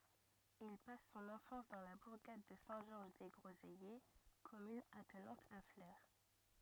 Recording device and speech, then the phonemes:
rigid in-ear microphone, read sentence
il pas sɔ̃n ɑ̃fɑ̃s dɑ̃ la buʁɡad də sɛ̃ ʒɔʁʒ de ɡʁozɛje kɔmyn atnɑ̃t a fle

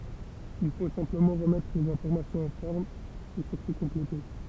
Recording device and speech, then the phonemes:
temple vibration pickup, read sentence
il fo sɛ̃pləmɑ̃ ʁəmɛtʁ lez ɛ̃fɔʁmasjɔ̃z ɑ̃ fɔʁm e syʁtu kɔ̃plete

